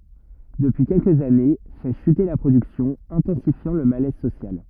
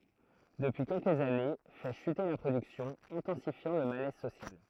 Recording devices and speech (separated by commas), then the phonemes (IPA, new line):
rigid in-ear microphone, throat microphone, read sentence
dəpyi kɛlkəz ane fɛ ʃyte la pʁodyksjɔ̃ ɛ̃tɑ̃sifjɑ̃ lə malɛz sosjal